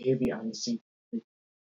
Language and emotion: English, fearful